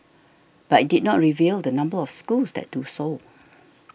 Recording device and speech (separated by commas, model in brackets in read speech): boundary microphone (BM630), read sentence